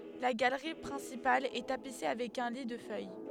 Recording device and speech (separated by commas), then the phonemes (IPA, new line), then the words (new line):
headset microphone, read sentence
la ɡalʁi pʁɛ̃sipal ɛ tapise avɛk œ̃ li də fœj
La galerie principale est tapissée avec un lit de feuilles.